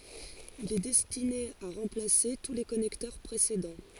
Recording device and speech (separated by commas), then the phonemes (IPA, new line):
forehead accelerometer, read sentence
il ɛ dɛstine a ʁɑ̃plase tu le kɔnɛktœʁ pʁesedɑ̃